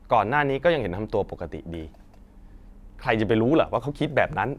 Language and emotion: Thai, angry